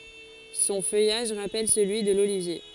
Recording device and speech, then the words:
forehead accelerometer, read sentence
Son feuillage rappelle celui de l'olivier.

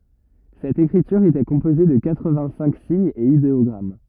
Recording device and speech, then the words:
rigid in-ear microphone, read sentence
Cette écriture était composée de quatre-vingt-cinq signes et idéogrammes.

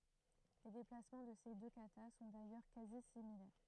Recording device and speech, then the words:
throat microphone, read sentence
Les déplacements de ces deux katas sont d'ailleurs quasi similaires.

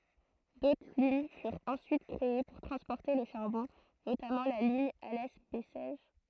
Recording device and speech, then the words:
throat microphone, read sentence
D'autres lignes furent ensuite créées pour transporter le charbon, notamment la ligne Alès-Bessèges.

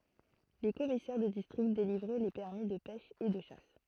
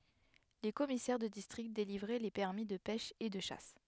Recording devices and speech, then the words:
throat microphone, headset microphone, read sentence
Les commissaires de District délivraient les permis de pêche et de chasse.

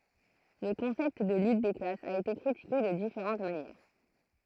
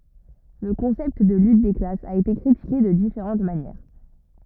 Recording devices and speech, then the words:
throat microphone, rigid in-ear microphone, read sentence
Le concept de lutte des classes a été critiqué de différentes manières.

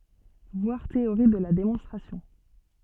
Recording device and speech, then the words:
soft in-ear microphone, read sentence
Voir Théorie de la démonstration.

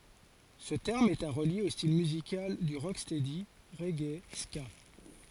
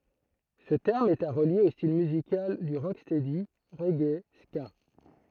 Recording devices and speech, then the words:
forehead accelerometer, throat microphone, read sentence
Ce terme est à relier aux style musical du rocksteady, reggae, ska.

